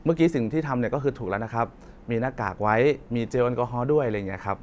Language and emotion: Thai, neutral